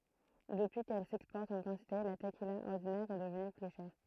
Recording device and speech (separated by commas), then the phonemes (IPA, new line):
throat microphone, read sentence
dəpyi kɛl sɛkspɔʁt ɑ̃ kɑ̃tite la təkila ɔʁdinɛʁ ɛ dəvny ply ʃɛʁ